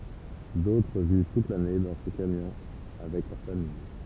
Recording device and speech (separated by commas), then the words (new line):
temple vibration pickup, read sentence
D'autres vivent toute l'année dans ces camions avec leur famille.